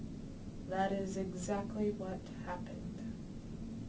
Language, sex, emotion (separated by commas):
English, female, neutral